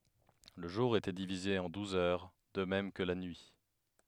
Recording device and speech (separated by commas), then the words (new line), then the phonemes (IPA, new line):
headset microphone, read sentence
Le jour était divisé en douze heures, de même que la nuit.
lə ʒuʁ etɛ divize ɑ̃ duz œʁ də mɛm kə la nyi